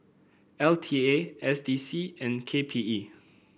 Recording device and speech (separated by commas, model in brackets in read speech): boundary microphone (BM630), read sentence